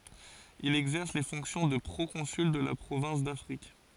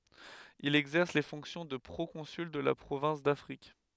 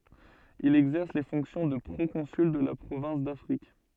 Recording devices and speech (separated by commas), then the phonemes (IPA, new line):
forehead accelerometer, headset microphone, soft in-ear microphone, read sentence
il ɛɡzɛʁs le fɔ̃ksjɔ̃ də pʁokɔ̃syl də la pʁovɛ̃s dafʁik